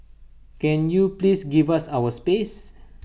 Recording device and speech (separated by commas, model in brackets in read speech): boundary microphone (BM630), read sentence